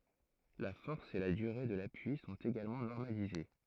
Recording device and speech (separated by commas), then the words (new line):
throat microphone, read sentence
La force et la durée de l'appui sont également normalisées.